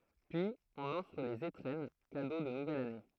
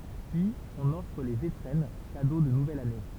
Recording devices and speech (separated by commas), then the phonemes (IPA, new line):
throat microphone, temple vibration pickup, read sentence
pyiz ɔ̃n ɔfʁ lez etʁɛn kado də nuvɛl ane